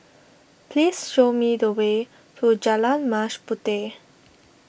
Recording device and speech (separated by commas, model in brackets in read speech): boundary microphone (BM630), read sentence